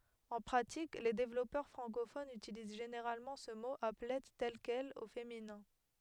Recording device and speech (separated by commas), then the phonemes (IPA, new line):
headset microphone, read sentence
ɑ̃ pʁatik le devlɔpœʁ fʁɑ̃kofonz ytiliz ʒeneʁalmɑ̃ sə mo aplɛ tɛl kɛl o feminɛ̃